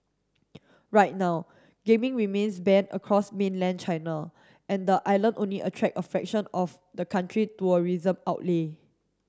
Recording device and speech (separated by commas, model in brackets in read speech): standing microphone (AKG C214), read sentence